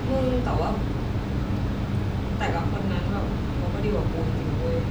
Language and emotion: Thai, sad